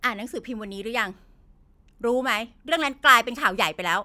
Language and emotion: Thai, angry